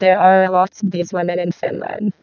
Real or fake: fake